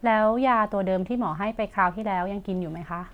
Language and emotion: Thai, neutral